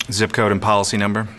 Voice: monotone